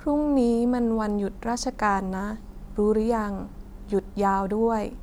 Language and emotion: Thai, neutral